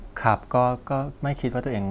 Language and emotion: Thai, neutral